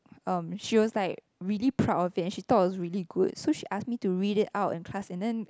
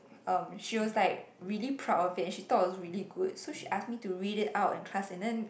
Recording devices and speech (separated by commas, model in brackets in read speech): close-talking microphone, boundary microphone, conversation in the same room